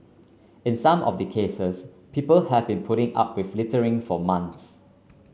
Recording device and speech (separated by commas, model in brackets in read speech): mobile phone (Samsung C9), read sentence